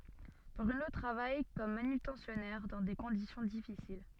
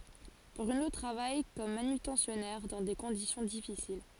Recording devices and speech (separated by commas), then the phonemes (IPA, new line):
soft in-ear microphone, forehead accelerometer, read sentence
bʁyno tʁavaj kɔm manytɑ̃sjɔnɛʁ dɑ̃ de kɔ̃disjɔ̃ difisil